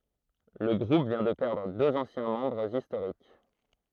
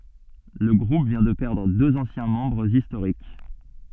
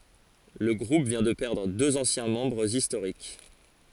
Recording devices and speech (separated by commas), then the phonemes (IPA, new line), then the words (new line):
throat microphone, soft in-ear microphone, forehead accelerometer, read sentence
lə ɡʁup vjɛ̃ də pɛʁdʁ døz ɑ̃sjɛ̃ mɑ̃bʁz istoʁik
Le groupe vient de perdre deux anciens membres historiques.